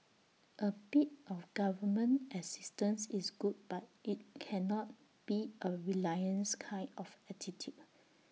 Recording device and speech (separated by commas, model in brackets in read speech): mobile phone (iPhone 6), read sentence